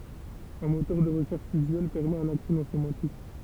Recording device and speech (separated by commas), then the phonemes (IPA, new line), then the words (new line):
temple vibration pickup, read sentence
œ̃ motœʁ də ʁəʃɛʁʃ yzyɛl pɛʁmɛt œ̃n aksɛ nɔ̃ semɑ̃tik
Un moteur de recherche usuel permet un accès non sémantique.